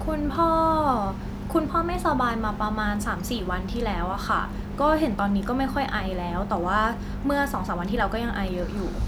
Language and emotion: Thai, neutral